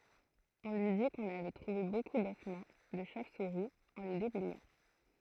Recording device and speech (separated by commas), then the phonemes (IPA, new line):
throat microphone, read sentence
ɔ̃ lyi di kɔ̃n avɛ tʁuve boku dɔsmɑ̃ də ʃov suʁi ɑ̃ le deblɛjɑ̃